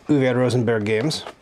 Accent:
terrible French accent